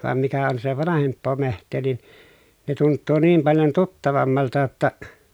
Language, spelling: Finnish, vaan mikä on sitä vanhempaa metsää niin ne tuntuu niin paljon tuttavammalta jotta
- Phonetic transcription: vam mikä on (si)tä vanahemppoo meht̆tee nin , ne tunttuu niim paljon tuttavammalta ‿tta ,.

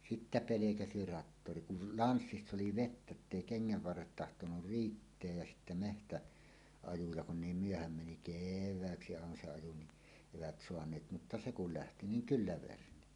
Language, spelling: Finnish, sitten pelkäsi traktori kun lanssissa oli vettä että ei kengän varret tahtonut riittää ja sitten - metsäajoa kun niin myöhään meni kevääksi aina se ajo niin eivät saaneet mutta se kun lähti niin kyllä verni
- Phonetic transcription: sittä "pelekäsi 'rattori kul "lanssiss ‿oli "vettä ‿ttèi 'keŋŋäv varret tahtonur "riitteäj jä 'sittä 'mehtä- , '-ajuja kun "niim "myöhäm meni "kev̆vääksi àena se aju ni , 'evät 'soaǹeet mutta "se kul 'lähti niŋ "kyllä 'verni .

